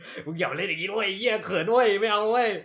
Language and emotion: Thai, happy